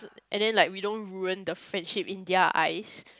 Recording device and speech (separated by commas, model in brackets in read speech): close-talking microphone, conversation in the same room